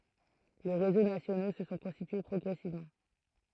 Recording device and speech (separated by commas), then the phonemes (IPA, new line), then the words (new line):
throat microphone, read sentence
le ʁezo nasjono sə sɔ̃ kɔ̃stitye pʁɔɡʁɛsivmɑ̃
Les réseaux nationaux se sont constitués progressivement.